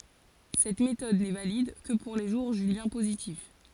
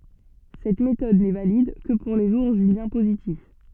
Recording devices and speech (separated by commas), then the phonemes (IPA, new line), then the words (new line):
forehead accelerometer, soft in-ear microphone, read sentence
sɛt metɔd nɛ valid kə puʁ le ʒuʁ ʒyljɛ̃ pozitif
Cette méthode n'est valide que pour les jours juliens positifs.